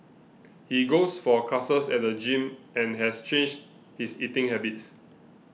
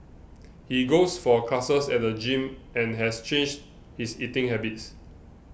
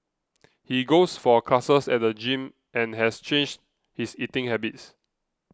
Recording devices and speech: mobile phone (iPhone 6), boundary microphone (BM630), close-talking microphone (WH20), read sentence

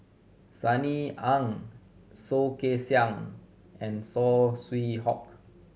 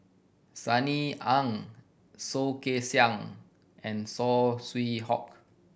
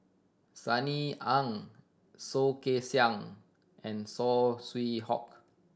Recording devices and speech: mobile phone (Samsung C7100), boundary microphone (BM630), standing microphone (AKG C214), read sentence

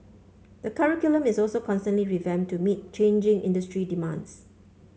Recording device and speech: mobile phone (Samsung C5), read sentence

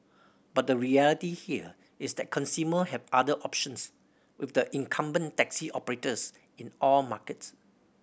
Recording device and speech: boundary microphone (BM630), read sentence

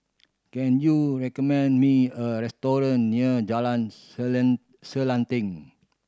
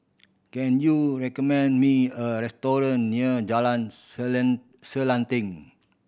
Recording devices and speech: standing microphone (AKG C214), boundary microphone (BM630), read sentence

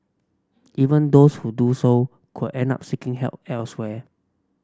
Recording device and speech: standing microphone (AKG C214), read sentence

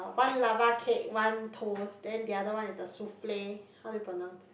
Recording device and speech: boundary microphone, conversation in the same room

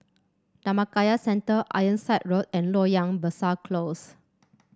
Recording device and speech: standing microphone (AKG C214), read sentence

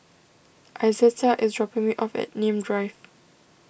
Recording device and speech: boundary microphone (BM630), read sentence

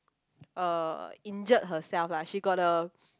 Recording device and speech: close-talking microphone, conversation in the same room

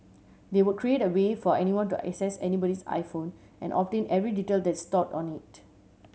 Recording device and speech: mobile phone (Samsung C7100), read sentence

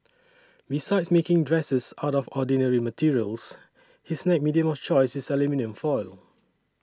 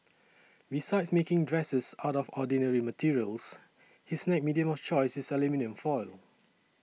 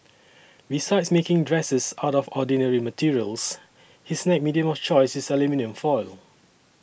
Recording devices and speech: standing microphone (AKG C214), mobile phone (iPhone 6), boundary microphone (BM630), read sentence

